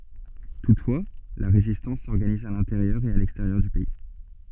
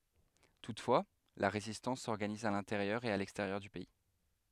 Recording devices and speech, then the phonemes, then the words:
soft in-ear microphone, headset microphone, read sentence
tutfwa la ʁezistɑ̃s sɔʁɡaniz a lɛ̃teʁjœʁ e a lɛksteʁjœʁ dy pɛi
Toutefois, la résistance s'organise à l’intérieur et à l’extérieur du pays.

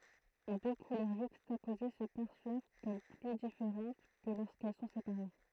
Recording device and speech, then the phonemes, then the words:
throat microphone, read sentence
dø kulœʁ ʒykstapoze sə pɛʁswav kɔm ply difeʁɑ̃t kə loʁskɛl sɔ̃ sepaʁe
Deux couleurs juxtaposées se perçoivent comme plus différentes que lorsqu'elles sont séparées.

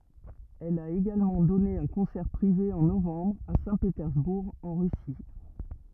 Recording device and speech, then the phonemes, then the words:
rigid in-ear microphone, read sentence
ɛl a eɡalmɑ̃ dɔne œ̃ kɔ̃sɛʁ pʁive ɑ̃ novɑ̃bʁ a sɛ̃petɛʁzbuʁ ɑ̃ ʁysi
Elle a également donné un concert privé en novembre à Saint-Pétersbourg, en Russie.

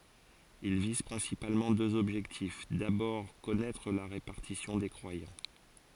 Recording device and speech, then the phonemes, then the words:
forehead accelerometer, read sentence
il viz pʁɛ̃sipalmɑ̃ døz ɔbʒɛktif dabɔʁ kɔnɛtʁ la ʁepaʁtisjɔ̃ de kʁwajɑ̃
Ils visent principalement deux objectifs: d'abord, connaître la répartition des croyants.

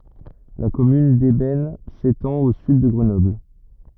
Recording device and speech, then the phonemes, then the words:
rigid in-ear microphone, read sentence
la kɔmyn dɛbɛn setɑ̃t o syd də ɡʁənɔbl
La commune d'Eybens s'étend au sud de Grenoble.

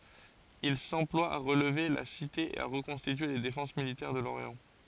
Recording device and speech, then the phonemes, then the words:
forehead accelerometer, read sentence
il sɑ̃plwa a ʁəlve la site e a ʁəkɔ̃stitye le defɑ̃s militɛʁ də loʁjɑ̃
Il s'emploie à relever la cité et à reconstituer les défenses militaires de l'Orient.

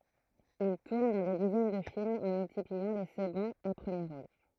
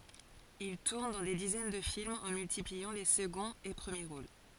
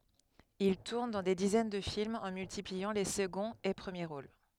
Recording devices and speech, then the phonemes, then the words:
throat microphone, forehead accelerometer, headset microphone, read sentence
il tuʁn dɑ̃ de dizɛn də filmz ɑ̃ myltipliɑ̃ le səɡɔ̃z e pʁəmje ʁol
Il tourne dans des dizaines de films, en multipliant les seconds et premiers rôles.

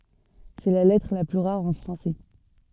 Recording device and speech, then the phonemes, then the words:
soft in-ear microphone, read sentence
sɛ la lɛtʁ la ply ʁaʁ ɑ̃ fʁɑ̃sɛ
C'est la lettre la plus rare en français.

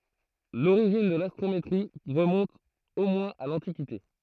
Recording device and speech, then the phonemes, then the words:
throat microphone, read sentence
loʁiʒin də lastʁometʁi ʁəmɔ̃t o mwɛ̃z a lɑ̃tikite
L'origine de l'astrométrie remonte au moins à l'Antiquité.

